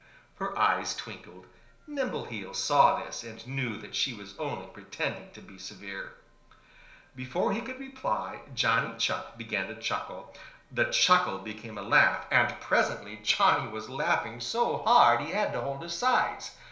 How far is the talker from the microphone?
1.0 m.